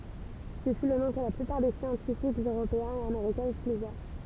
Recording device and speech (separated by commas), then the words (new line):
temple vibration pickup, read sentence
Ce fut le nom que la plupart des scientifiques européens et américains utilisèrent.